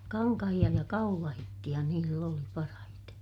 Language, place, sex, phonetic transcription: Finnish, Ilmajoki, female, kaŋkahiʲa ja kaulahittiʲa niill ‿oli parahite .
- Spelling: kankaita ja kaulahisia niillä oli parhaiten

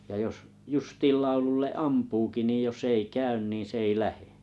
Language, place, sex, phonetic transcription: Finnish, Kalajoki, male, ja jos , 'justiiˡ 'laululle "ampuuki nii jo's ‿ei "käyn nii 's ‿èi "lähe .
- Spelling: ja jos justiin laululle ampuukin niin jos ei käy niin se ei lähde

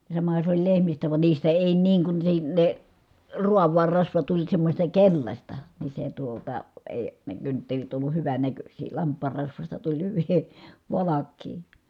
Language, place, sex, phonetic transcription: Finnish, Kitee, female, ja samaha sᵉ ‿oĺ lehmistä van niistä èi niiŋ kun se ne , ruav̆vaar rasva tuĺ semmośta keĺlaśta , ni se tuota , èi , ne kynttelit olluh hyvänäköśii , lamp̆paar rasvasta tuĺ hyvi , valakkii .
- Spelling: ja samahan se oli lehmistä vaan niistä ei niin kun se ne raavaan rasva tuli semmoista keltaista niin se tuota ei ne kynttilät ollut hyvännäköisiä lampaan rasvasta tuli hyviä valkeaa

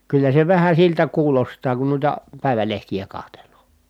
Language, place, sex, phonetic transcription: Finnish, Kitee, male, kyllä se vähä siltä kuulostaa kun nuita , pä̀i̮välehtijä kahtel̀oo .
- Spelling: kyllä se vähän siltä kuulostaa kun noita päivälehtiä katselee

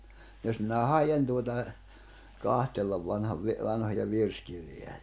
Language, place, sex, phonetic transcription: Finnish, Jämsä, male, jos minä 'hajen tuota , 'kahtellav vanhav vi- , 'vanhoja 'virskirj(oja ni) .
- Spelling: jos minä haen tuota katsella vanhan - vanhoja virsikirjoja niin

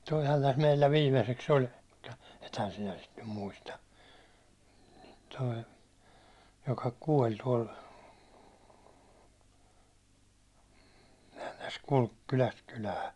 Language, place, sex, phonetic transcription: Finnish, Hollola, male, toihan täs meillä 'viimeseks oĺ , (mut)ta ethän "sinä sit nym 'muista , toi , joka 'kuål tuål , sehän̬ täs kulk kyläst kylää ,.
- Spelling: tuohan tässä meillä viimeiseksi oli mutta ethän sinä sitä nyt muista tuo joka kuoli tuolla sehän tässä kulki kylästä kylään

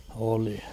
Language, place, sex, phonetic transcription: Finnish, Kauhava, male, oli .
- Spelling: oli

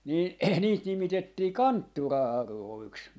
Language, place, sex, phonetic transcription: Finnish, Jaala, male, nii niit 'nimitettii "kanttura₍'arròiks .
- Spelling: niin niitä nimitettiin kanttura-auroiksi

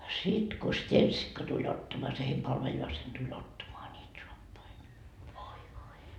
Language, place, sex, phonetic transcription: Finnish, Markkova, female, 'sit ko 'steńsikka tuĺ ottamoa se heim 'palveljaasen tuĺ 'ottamoa niit 'soappai ni , voi voi .
- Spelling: sitten kun stensikka tuli ottamaan se heidän palvelijansa tuli ottamaan niitä saappaita niin voi voi

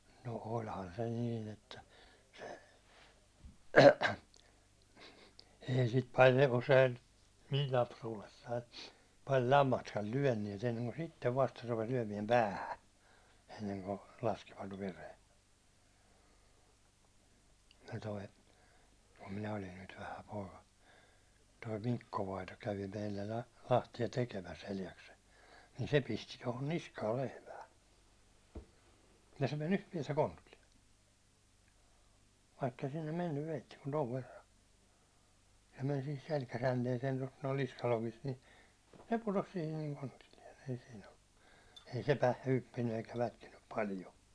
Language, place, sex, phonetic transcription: Finnish, Hollola, male, no 'olhan se 'niin ‿että , se , ei sit paljᵊ usein , 'mil 'lapsuulessai , pai 'lammastkal "lyäₒnniɛt enneŋko 'sittev vasta rupes 'lyäₒmiɛm "päähä , enneŋko , 'laskivat 'veren , se toi , kum 'minä olin nyt 'vähä pooka , toi "mikko vaito kävi meillä la- 'lahti₍a 'tekemäs 'Eljaksel , nin se pisti tohon "niskaal 'lehmää , ja se me'n ‿yht- piɛtä 'kontullie , vaikkei sinnem 'mennyv veitti kun 'tov 'verra , se men sihis 'selkäjänteesee tost noi 'niskalokist ni , se putos sihin ni 'kontillien (sihis sillo) , ei se 'pä- , 'hyppinny eikä 'lätkinnyp palijo .
- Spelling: no olihan se niin että se ei sitä paljon usein minun lapsuudessani paljon lammastakaan lyöneet ennen kuin sitten vasta rupesi lyömään päähän ennen kuin laskivat veren se tuo kun minä olin nyt vähä poika tuo Mikko vainaja kävi meillä - lahtia tekemässä Eljaksella niin se pisti tuohon niskaan lehmää ja se meni yhtä päätä kontilleen vaikka ei sinne mennyt veitsi kuin tuon verran se meni siihen selkäjänteeseen tuosta nuo niskalokista niin se putosi siihen niin kontilleen sihisi silloin ei se - hyppinyt eikä lätkinyt paljon

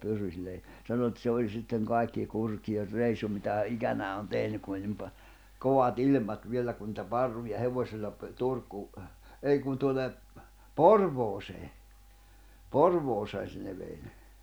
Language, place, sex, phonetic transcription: Finnish, Jämsä, male, pyryĺlä ja , sano et se oĺ sitteŋ 'kàikki 'kurki₍er 'reisu mitä hä "’ikänää on "tehnyk ku oĺ nim pa- , "kovat 'ilⁱm̀at viellä ku nⁱtä "parruja 'hevośilla pə- 'Turkuu , 'ei kun tuone , "Porvoosee 'Porvooseen̬ se ne vei ne .
- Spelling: pyryllä ja sanoi että se oli sitten kaikki kurjin reissu mitä hän ikänään on tehnyt kun oli niin - kovat ilmat vielä kun niitä parruja hevosilla - Turkuun ei kun tuonne Porvooseen Porvooseen se ne vei ne

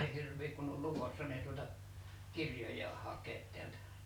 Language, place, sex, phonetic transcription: Finnish, Liperi, male, ei 'hirv̆viik kunn ‿ol "lukossa ni ei tuota , "kirjoj́aah 'haḱeet 'tiältä .
- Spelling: ei hirviä kun oli lukossa niin ei tuota kirjojaan hakea täältä

